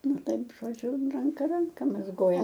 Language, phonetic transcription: Lithuanian, ˈnu ˈtaip žoˈdžiu ranˈka ˈranka mazˈgoja

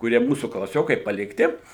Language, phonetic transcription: Lithuanian, kuˈrie ˈmūsų klaˈsiokai palikˈti

